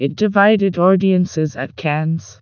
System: TTS, vocoder